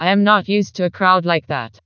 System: TTS, vocoder